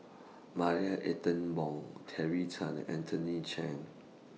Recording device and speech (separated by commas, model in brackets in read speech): mobile phone (iPhone 6), read sentence